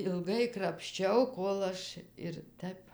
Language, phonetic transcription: Lithuanian, ilˈgai krapšˈčiau ˈkol aš ir ˈtəp

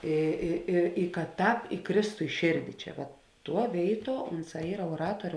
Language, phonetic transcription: Lithuanian, ˈy ˈy i i ka ˈtāp iˈkrėstu i ˈšėrdi ˈčia vat ˈtuo ˈvėiˌtuo ˈunˌsā ˈyra uoˈratuoriu

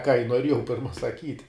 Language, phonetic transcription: Lithuanian, ką i nuoˈriejau ˈpirma saˈkyt'

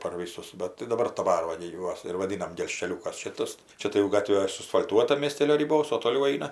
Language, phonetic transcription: Lithuanian, par ˈvysus ˈbat tai daˈbar daˈbar ˈva gi ˈjuos ir vaˈdynam gelžkeˈliūkas ˈšitas ˈčia tai jau ˈgatvė suasfal'ˈtuota miesˈtėlio riˈbos o toˈliau ˈaina

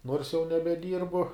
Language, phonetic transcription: Lithuanian, nors jau nebeˈdyrbu

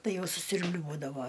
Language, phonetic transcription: Lithuanian, ˈtai ˈjau susiurbˈliuodavo

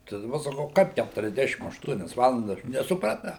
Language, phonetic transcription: Lithuanian, tai daˈba saˈkau ˈkaip kæturiasˈdešim ašˈtuonias ˈvalandas nesupraˈtau

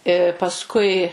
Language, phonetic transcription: Lithuanian, i pasˈkui

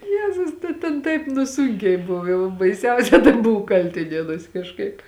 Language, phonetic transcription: Lithuanian, ˈjezus ta ten ˈtaip nu ˈsūnkiai ˈbuv ˈjau baiˈsiausia tai ˈbuvu ˈkaltinienuos' kažˈkaip

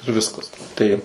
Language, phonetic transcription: Lithuanian, ir ˈviskas ˈtaip

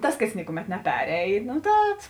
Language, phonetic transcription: Lithuanian, ˈtas kas ˈnikuˌmet neˈperein ˈtad

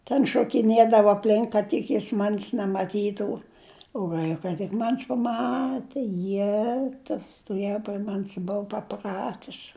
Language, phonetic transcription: Lithuanian, ten šokiˈnėdavo apˈlink kad ˈtik jis man's' nemaˈtytų u ˈvaika tik ˈman's' paˈmate ˈjetau stoˈvėju pri ˈman's' ˈbuu paˈpratis

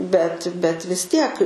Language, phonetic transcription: Lithuanian, bet bet vis ˈtiek

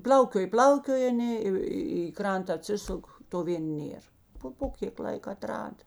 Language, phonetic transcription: Lithuanian, ˈpl'aukioj ˈpl'aukioj aˈnė i i ˈkranta aˈtsisuk to ˈvėn ˈnėr ˈpo po ˈkėk ˈlaik aˈtrada

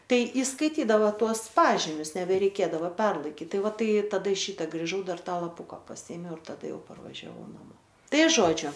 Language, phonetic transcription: Lithuanian, ˈtai įskaiˈtydavo ˈtuos ˈpažimius nebereiˈkėdava ˈperlaikit ˈtai ˈva ˈtai taˈda ˈšyta griˈžau ˈdar ˈtą lapuką paˈsyėmiau ir taˈda ˈjau parvažiaˈvau naˈmo ˈtai ˈžodžiu

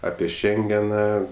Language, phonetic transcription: Lithuanian, ˈapie ˈšengena

